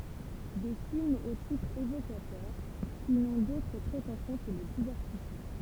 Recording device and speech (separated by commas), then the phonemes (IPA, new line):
temple vibration pickup, read sentence
de filmz o titʁz evokatœʁ ki nɔ̃ dotʁ pʁetɑ̃sjɔ̃ kə lə divɛʁtismɑ̃